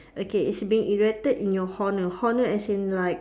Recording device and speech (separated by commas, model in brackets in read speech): standing microphone, conversation in separate rooms